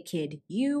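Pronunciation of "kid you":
In 'kid you', there is no coalescence: the d sound at the end of 'kid' and the y sound at the start of 'you' are said without it. This is not the way the phrase is said in normal speech.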